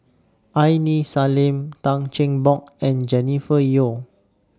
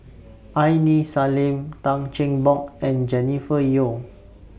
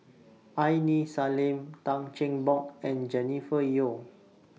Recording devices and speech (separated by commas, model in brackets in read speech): standing microphone (AKG C214), boundary microphone (BM630), mobile phone (iPhone 6), read sentence